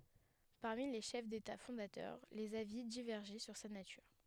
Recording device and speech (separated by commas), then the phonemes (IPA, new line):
headset microphone, read sentence
paʁmi le ʃɛf deta fɔ̃datœʁ lez avi divɛʁʒɛ syʁ sa natyʁ